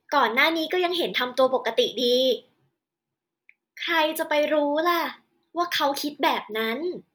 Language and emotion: Thai, neutral